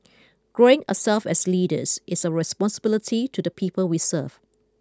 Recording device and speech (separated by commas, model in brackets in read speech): close-talking microphone (WH20), read sentence